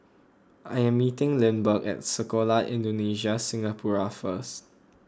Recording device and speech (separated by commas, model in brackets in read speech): close-talking microphone (WH20), read sentence